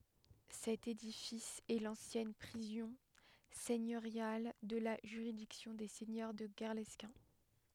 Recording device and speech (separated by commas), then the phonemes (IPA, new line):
headset microphone, read sentence
sɛt edifis ɛ lɑ̃sjɛn pʁizɔ̃ sɛɲøʁjal də la ʒyʁidiksjɔ̃ de sɛɲœʁ də ɡɛʁlɛskɛ̃